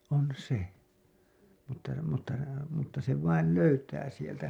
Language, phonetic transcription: Finnish, on 'se , mutta , mutta , mutta se vail 'löytää sieltä .
- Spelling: on se mutta mutta mutta se vain löytää sieltä

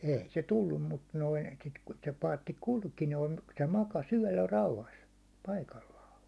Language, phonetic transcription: Finnish, 'ei se "tullum mut noin̬ , sit ku se paatti "kulki noin̬ , se 'maka's ‿yäₒllä 'rauhas , 'paikallaa .
- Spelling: ei se tullut mutta noin sitten kun se paatti kulki noin se makasi yöllä rauhassa paikallaan

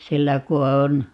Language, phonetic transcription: Finnish, 'sillä ku on ,.
- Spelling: sillä kun on

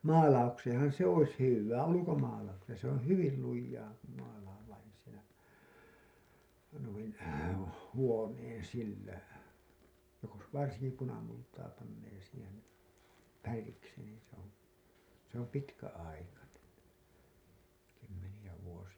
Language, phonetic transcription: Finnish, maalaukseeḛhan̬ se ‿'ois 'hyvvää , 'ulukomaalaukseen̬ , se ‿oo̰ "hyvil 'lujjaa , kum mäla vain sil(lä) , nuin , 'huoneen 'sillä , jos varsiŋki 'punamultaa pannee siihen̬ , färiksi nii se ‿on̬ , se ‿om 'pitkä₍aikanen̬ , 'kymmenijä vuosi₍a .
- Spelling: maalaukseenhan se olisi hyvää ulkomaalaukseen se oli hyvin lujaa kun maalaa vain sillä noin huoneen sillä jos varsinkin punamultaa panee siihen väriksi niin se on se on pitkäaikainen kymmeniä vuosia

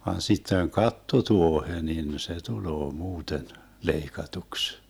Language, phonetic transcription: Finnish, van sitteŋ "katto'tuohe nin se 'tuloo 'muuten , 'leikatuks .
- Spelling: vaan sitten kattotuohi niin se tulee muuten leikatuksi

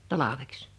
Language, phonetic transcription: Finnish, 'talaveks .
- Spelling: talveksi

